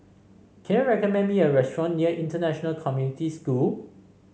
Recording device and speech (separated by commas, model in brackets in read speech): mobile phone (Samsung C5), read sentence